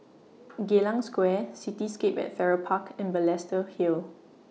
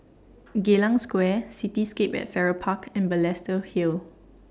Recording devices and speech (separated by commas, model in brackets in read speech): mobile phone (iPhone 6), standing microphone (AKG C214), read sentence